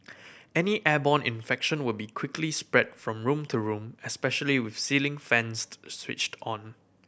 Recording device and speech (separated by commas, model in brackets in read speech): boundary microphone (BM630), read sentence